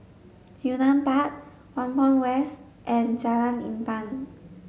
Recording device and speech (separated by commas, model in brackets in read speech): mobile phone (Samsung S8), read sentence